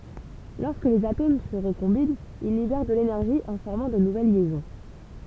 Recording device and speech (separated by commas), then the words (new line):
temple vibration pickup, read sentence
Lorsque les atomes se recombinent, ils libèrent de l'énergie en formant de nouvelles liaisons.